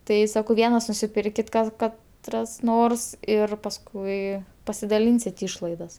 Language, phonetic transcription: Lithuanian, ˈtai ˈsakau ˈvienas nusiˈpirkit ˈkas ˈkat ˈras ˈnors ir pasˈkui pasidaˈlynsit' ˈyšlaidas

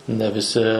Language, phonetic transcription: Lithuanian, ne viˈsi

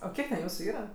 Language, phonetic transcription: Lithuanian, o ˈkiek ten ˈjūsu ˈyra

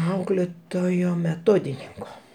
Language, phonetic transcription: Lithuanian, ˈauklėtojo meˈtodininko

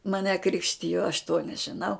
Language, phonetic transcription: Lithuanian, maˈne ˈkrikštijo aš to nežiˈnau

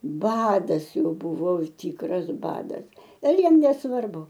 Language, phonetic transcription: Lithuanian, ˈbadas ˈjau ˈbuvo ˈtykras ˈbadas ir ˈjiem nesˈvarbu

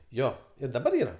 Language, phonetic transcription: Lithuanian, ˈjo ir daˈbar ˈyra

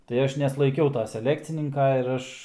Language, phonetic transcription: Lithuanian, tai ˈaš neslaiˈkiau ta seˈlekcininka ir ˈaš

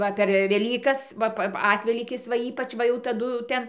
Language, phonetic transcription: Lithuanian, ˈva per veˈlykas ˈva pa ˈatvelykis va ˈypač ˈva jau taˈdu ˈten

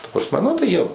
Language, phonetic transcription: Lithuanian, ta prasˈme nu tai ˈjie

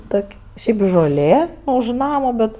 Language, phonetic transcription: Lithuanian, ˈtok' ˈšiaip žoˈlė už ˈnama ˈbet

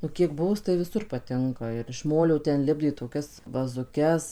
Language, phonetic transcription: Lithuanian, nu kiek ˈbuvus tai viˈsur paˈtinka ir iš ˈmolio ten ˈlipdė toˈkias vazuˈkes

